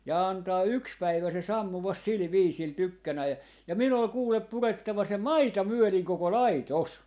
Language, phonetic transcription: Finnish, ja 'antaa "yks 'päivä se 'sammuvas "sil "viisil 'tykkänäi ja , 'min ‿ol 'kuulep "purettava se "maita "myöliŋ 'koko "lai"tos .
- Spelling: ja antaa yksi päivä se sammua sillä viisillä tykkänään ja minun oli kuule purettava se maita myöden koko laitos

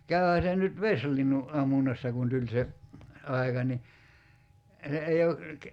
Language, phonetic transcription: Finnish, 'käyhä se nyt "veslinnu , '’ammunnassa kun 'tuĺ se , 'ai̬ka ni , se ei o ,.
- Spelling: käyhän se nyt vesilinnun ammunnassa kun tuli se aika niin se ei ole

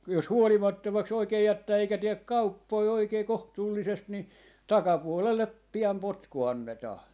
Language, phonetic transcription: Finnish, jos "huolimattomaks 'oikee 'jättää eikä 'tiek "kauppoi 'oikei "kohtuullisest 'ni , "takapuolellep 'pi₍am "potku annetaa .
- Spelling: jos huolimattomaksi oikein jättää eikä tee kauppoja oikein kohtuullisesti niin takapuolelle pian potku annetaan

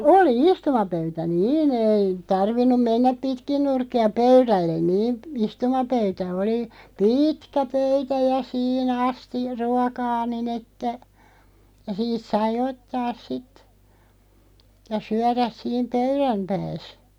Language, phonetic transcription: Finnish, oli "istumapöytä "nii'n ‿ei 'tarvinnum 'mennäp "pitkin 'nurkki₍a "pöyrällen 'niin , "istumapöytä 'oli , "pîtkä 'pöytä ja 'sii'n ‿asti- , "ruɔkaa 'nin ‿että , ja 'siit sai 'ottaas "sit , ja 'syäräs 'siim "pöyrämpääs .
- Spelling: oli istumapöytä niin ei tarvinnut mennä pitkin nurkkia pöydälle niin istumapöytä oli pitkä pöytä ja siinä - ruokaa niin että ja siitä sai ottaa sitten ja syödä siinä pöydänpäässä

